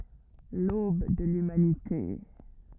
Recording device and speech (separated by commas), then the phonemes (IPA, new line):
rigid in-ear microphone, read sentence
lob də lymanite